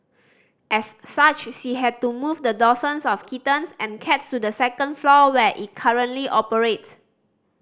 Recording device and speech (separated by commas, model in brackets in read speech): standing microphone (AKG C214), read sentence